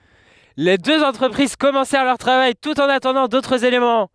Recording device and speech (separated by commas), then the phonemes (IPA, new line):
headset microphone, read sentence
le døz ɑ̃tʁəpʁiz kɔmɑ̃sɛʁ lœʁ tʁavaj tut ɑ̃n atɑ̃dɑ̃ dotʁz elemɑ̃